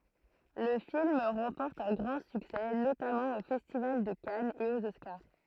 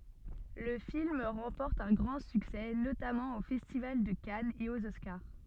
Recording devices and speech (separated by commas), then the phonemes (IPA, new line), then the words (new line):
throat microphone, soft in-ear microphone, read sentence
lə film ʁɑ̃pɔʁt œ̃ ɡʁɑ̃ syksɛ notamɑ̃ o fɛstival də kanz e oz ɔskaʁ
Le film remporte un grand succès, notamment au Festival de Cannes et aux Oscars.